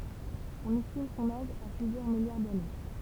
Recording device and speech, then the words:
temple vibration pickup, read sentence
On estime son âge à plusieurs milliards d'années.

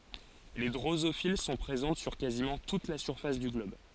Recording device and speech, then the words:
forehead accelerometer, read sentence
Les drosophiles sont présentes sur quasiment toute la surface du globe.

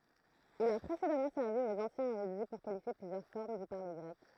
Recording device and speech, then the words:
throat microphone, read sentence
Il a précédemment servi aux anciens érudits pour qualifier plusieurs formes du parler grec.

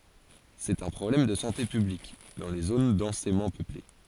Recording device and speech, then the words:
forehead accelerometer, read sentence
C'est un problème de santé publique dans les zones densément peuplées.

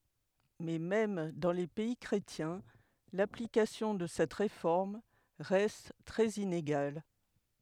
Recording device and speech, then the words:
headset microphone, read sentence
Mais même dans les pays chrétiens, l'application de cette réforme reste très inégale.

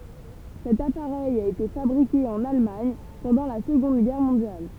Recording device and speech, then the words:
temple vibration pickup, read sentence
Cet appareil a été fabriqué en Allemagne pendant la Seconde Guerre mondiale.

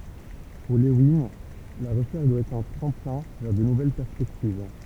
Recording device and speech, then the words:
temple vibration pickup, read sentence
Pour Lewin, la recherche doit être un tremplin vers de nouvelles perspectives.

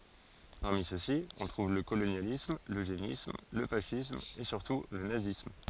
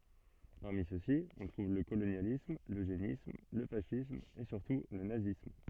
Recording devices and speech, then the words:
forehead accelerometer, soft in-ear microphone, read sentence
Parmi ceux-ci, on trouve le colonialisme, l'eugénisme, le fascisme et surtout le nazisme.

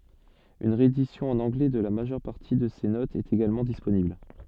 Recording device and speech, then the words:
soft in-ear microphone, read sentence
Une réédition en anglais de la majeure partie de ces notes est également disponible.

